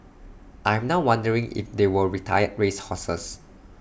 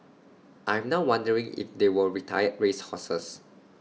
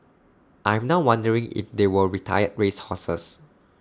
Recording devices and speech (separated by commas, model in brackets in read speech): boundary microphone (BM630), mobile phone (iPhone 6), standing microphone (AKG C214), read sentence